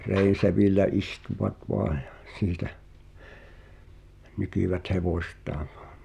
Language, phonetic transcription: Finnish, reisevìl̆lä 'istuvat 'voaᴊ ᴊᴀ , 'siitä , 'nykìvät "hevòśt̀aaŋ .
- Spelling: reisevillä istuivat vain ja siitä nykivät hevostaan

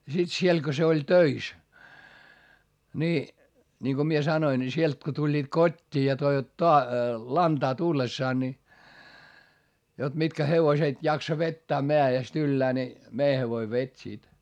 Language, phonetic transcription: Finnish, ja sit siel ko se oĺ töis , ni , niŋko mie sanoin ni sielt ko tuĺĺiit kot́t́ii ja toivat toa- , lantaa tullessaan ni , jot mitkä hevoset jaksa vettää meä₍est ‿yllää ni , mei hevoi vet́ sit .
- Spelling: ja sitten siellä kun se oli töissä niin niin kun minä sanoin niin sieltä kun tulivat kotiin ja toivat - lantaa tullessaan niin jotta mitkä hevoset jaksaa vetää mäestä yllään niin meidän hevonen veti sitten

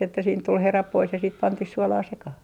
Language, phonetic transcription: Finnish, että siint tul "herap pois ja sit pantih "suɔlaa 'sekah .
- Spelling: että siitä tuli herat pois ja sitten pantiin suolaa sekaan

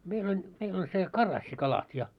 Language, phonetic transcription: Finnish, 'meil ‿oĺ , 'meil ‿oĺ se , 'karassi'kalat ja .
- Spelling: meillä oli meillä oli se karassikalat ja

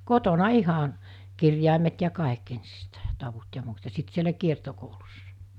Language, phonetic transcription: Finnish, 'kotona 'ihan̬ , 'kirjàimet ja 'kàik 'ensistä̀i ( ‿a) 'tavut ja 'muut , ja 'sit sielä 'kiertokoulussᴀ .
- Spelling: kotona ihan kirjaimet ja kaikki ensiksi ja tavut ja muut ja sitten siellä kiertokoulussa

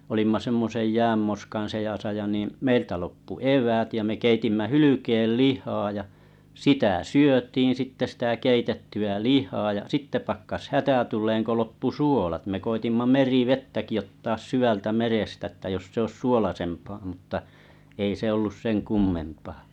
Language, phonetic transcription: Finnish, 'olimma semmosej 'jäämmoskaa̰ 'sejàsa ja niiḭ 'meiltä loppu "ev̀äät ja me 'keitimmä 'hylykeel "lihaa ja , 'sitä "syötiin̬ sitte sⁱtä 'keitetty₍ä "lihaa ja 'sitte pakkas "hätä 'tul̀eeŋ ko loppu "su͕olat me koitimma "meri"vettäki ottaas 'syvältä 'merestä että jos sᵉ ‿oⁱs 'suolasempaa mutta , ei se ollus 'seŋ "kummempaa .
- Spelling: olimme semmoisen jäänmoskan seassa ja niin meiltä loppui eväät ja me keitimme hylkeen lihaa ja sitä syötiin sitten sitä keitettyä lihaa ja sitten pakkasi hätä tulemaan kun loppui suolat me koetimme merivettäkin ottaa syvältä merestä että jos se olisi suolaisempaa mutta ei se ollut sen kummempaa

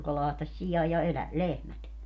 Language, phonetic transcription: Finnish, joka 'lahtaś 'sijaj ja 'elä- , "lehmät .
- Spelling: joka lahtasi sian ja - lehmät

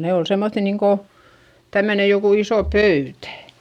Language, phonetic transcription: Finnish, nè ol semmoϑϑi niiŋko , tämmöne jokù iso pöytä .
- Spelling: ne oli semmoisia niin kuin tämmöinen joku iso pöytä

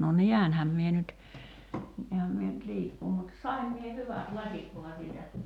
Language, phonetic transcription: Finnish, no "niänhäm mie nyt , 'niähäm mie nyt "liikkuu mut , "saim mie "hyvät "laśit ,.
- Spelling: no näenhän minä nyt näenhän minä nyt liikkua mutta sain minä hyvät lasit

